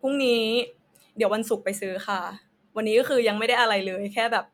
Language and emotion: Thai, neutral